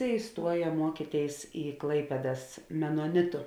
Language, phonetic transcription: Lithuanian, iˈstuoja ˈmuokytėis į ˈklaipėdas menoˈnitu

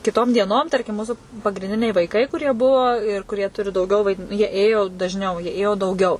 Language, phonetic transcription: Lithuanian, kiˈtom dieˈnom ˈtarkim ˈmūsu pagrinˈdiniai vaiˈkai kuˈrie ˈbuvo ir kuˈrie ˈturi dauˈgiau vaiˈdin jie ˈėjo dažˈniau jie ˈėjo dauˈgiau

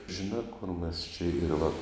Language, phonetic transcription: Lithuanian, žiˈnā kur mes čia ir va

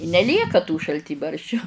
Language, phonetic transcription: Lithuanian, i neˈlieka tų šalˈtybarščiu

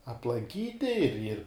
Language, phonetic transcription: Lithuanian, aplanˈkyti ir ir

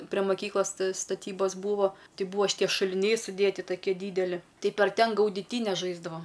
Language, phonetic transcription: Lithuanian, pre maˈkyklas staˈtybos ˈbūvo ˈtai ˈbūvo šiˈtie šuliˈniai suˈdėti taˈkie ˈdydeli ˈtai par ˈten gaudiˈtynes ˈžaisdavam

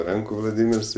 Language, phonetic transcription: Lithuanian, ˈrankų vlaˈdymirs i

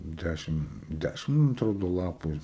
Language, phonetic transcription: Lithuanian, ˈdæšim ˈdæšim man atˈrodo ˈlapu ir

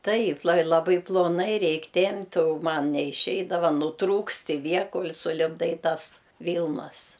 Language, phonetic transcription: Lithuanian, ˈtaip la laˈbai ploˈnai ˈreik' ˈtempt' o ˈman neiˈšeidava nuˈtrūkst i ˈvie ˈkol' sulipˈdai ˈtas ˈvylnas

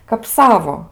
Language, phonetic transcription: Lithuanian, kap ˈsavo

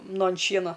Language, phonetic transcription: Lithuanian, ˈnu an ˈšiena

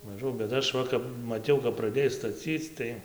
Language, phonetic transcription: Lithuanian, maˈžau bet ˈaš ˈva kap maˈtiau kap praˈdėj staˈcyc tai

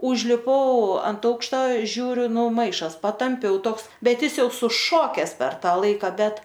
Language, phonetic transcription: Lithuanian, užliˈpau ant ˈaukšta ˈžiūriu ˈnu ˈmaišas patamˈpiau ˈtoks ˈbet ˈjis ˈjau suˈšokes per ˈtą ˈlaika ˈbet

